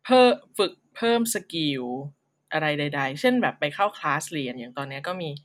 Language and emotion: Thai, neutral